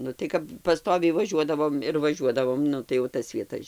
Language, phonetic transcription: Lithuanian, nu tai ˈkap paˈstoviai vaˈžiuodavom ir vaˈžiuodavom ˈnu tai jau ˈtas vieˈtas

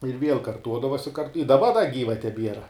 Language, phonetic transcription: Lithuanian, ir viel karˈtuodavos' i kart i daˈba da ˈgyva teˈbiera

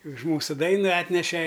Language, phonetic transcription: Lithuanian, už ˈmūsu ˈdaina ˈatneše

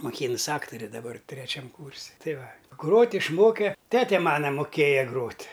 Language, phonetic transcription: Lithuanian, moˈkynus ˈaktore daˈbar treˈčiam ˈkūrsi ˈtai ˈva ˈgrot' išˈmoke ˈtete ˈmana moˈkėja ˈgrot'

